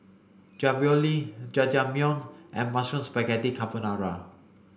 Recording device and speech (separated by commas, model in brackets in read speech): boundary microphone (BM630), read sentence